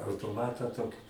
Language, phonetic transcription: Lithuanian, autoˈmatą ˈtoki

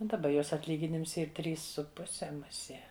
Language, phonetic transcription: Lithuanian, daˈba ˈjos atˈlyginims ˈyr ˈtrys su ˈpuse muˈsie

